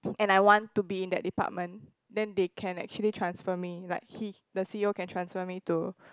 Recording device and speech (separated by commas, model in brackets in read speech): close-talking microphone, conversation in the same room